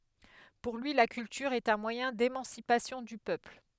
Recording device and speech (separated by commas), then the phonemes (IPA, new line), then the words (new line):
headset microphone, read sentence
puʁ lyi la kyltyʁ ɛt œ̃ mwajɛ̃ demɑ̃sipasjɔ̃ dy pøpl
Pour lui, la culture est un moyen d'émancipation du peuple.